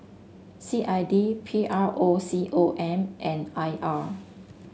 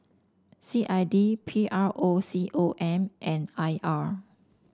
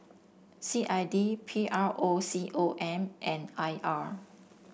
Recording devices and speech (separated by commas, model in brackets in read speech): mobile phone (Samsung S8), standing microphone (AKG C214), boundary microphone (BM630), read sentence